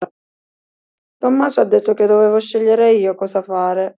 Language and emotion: Italian, sad